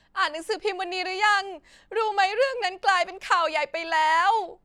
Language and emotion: Thai, sad